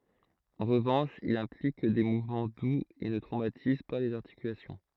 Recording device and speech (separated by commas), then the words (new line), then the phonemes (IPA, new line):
throat microphone, read sentence
En revanche, il implique des mouvements doux et ne traumatise pas les articulations.
ɑ̃ ʁəvɑ̃ʃ il ɛ̃plik de muvmɑ̃ duz e nə tʁomatiz pa lez aʁtikylasjɔ̃